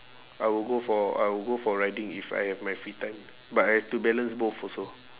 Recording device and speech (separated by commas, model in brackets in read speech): telephone, conversation in separate rooms